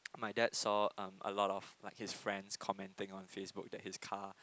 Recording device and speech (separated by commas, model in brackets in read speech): close-talking microphone, conversation in the same room